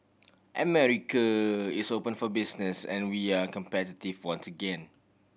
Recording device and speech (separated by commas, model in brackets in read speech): boundary microphone (BM630), read sentence